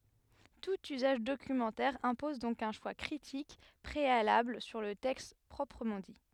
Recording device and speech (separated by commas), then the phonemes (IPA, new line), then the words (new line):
headset microphone, read sentence
tut yzaʒ dokymɑ̃tɛʁ ɛ̃pɔz dɔ̃k œ̃ ʃwa kʁitik pʁealabl syʁ lə tɛkst pʁɔpʁəmɑ̃ di
Tout usage documentaire impose donc un choix critique préalable sur le texte proprement dit.